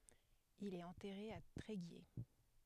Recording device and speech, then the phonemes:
headset microphone, read sentence
il ɛt ɑ̃tɛʁe a tʁeɡje

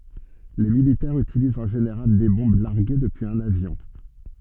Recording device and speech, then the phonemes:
soft in-ear microphone, read sentence
le militɛʁz ytilizt ɑ̃ ʒeneʁal de bɔ̃b laʁɡe dəpyiz œ̃n avjɔ̃

